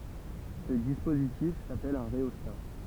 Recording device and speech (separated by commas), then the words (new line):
temple vibration pickup, read sentence
Ce dispositif s'appelle un rhéostat.